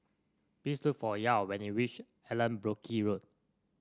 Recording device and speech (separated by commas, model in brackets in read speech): standing microphone (AKG C214), read sentence